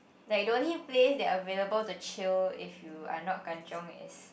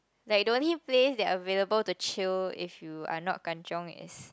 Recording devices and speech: boundary microphone, close-talking microphone, conversation in the same room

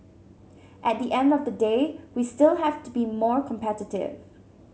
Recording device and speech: mobile phone (Samsung C7100), read sentence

